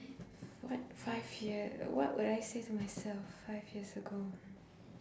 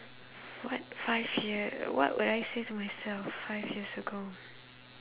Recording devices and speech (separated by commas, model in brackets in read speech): standing microphone, telephone, conversation in separate rooms